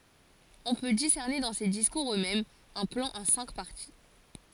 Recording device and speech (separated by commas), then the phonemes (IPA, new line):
forehead accelerometer, read sentence
ɔ̃ pø disɛʁne dɑ̃ se diskuʁz øksmɛmz œ̃ plɑ̃ ɑ̃ sɛ̃k paʁti